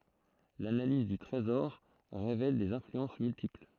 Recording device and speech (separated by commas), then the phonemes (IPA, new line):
throat microphone, read sentence
lanaliz dy tʁezɔʁ ʁevɛl dez ɛ̃flyɑ̃s myltipl